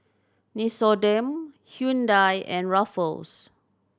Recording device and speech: standing microphone (AKG C214), read sentence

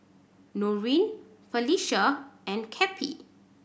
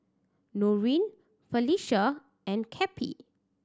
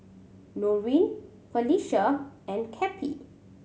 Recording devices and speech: boundary microphone (BM630), standing microphone (AKG C214), mobile phone (Samsung C7100), read sentence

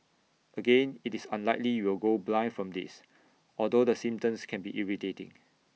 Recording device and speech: mobile phone (iPhone 6), read sentence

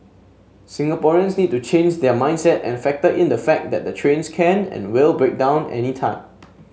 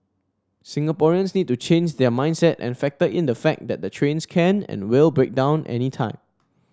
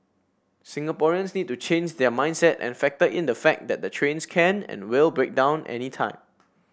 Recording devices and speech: mobile phone (Samsung S8), standing microphone (AKG C214), boundary microphone (BM630), read sentence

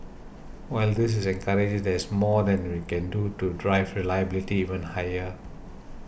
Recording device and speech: boundary microphone (BM630), read sentence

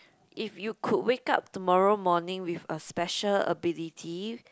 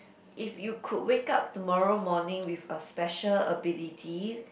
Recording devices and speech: close-talking microphone, boundary microphone, conversation in the same room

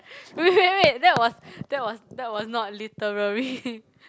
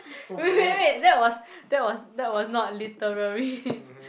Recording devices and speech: close-talking microphone, boundary microphone, conversation in the same room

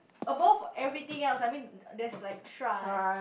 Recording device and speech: boundary microphone, conversation in the same room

